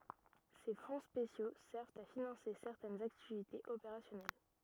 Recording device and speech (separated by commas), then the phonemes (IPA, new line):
rigid in-ear microphone, read sentence
se fɔ̃ spesjo sɛʁvt a finɑ̃se sɛʁtɛnz aktivitez opeʁasjɔnɛl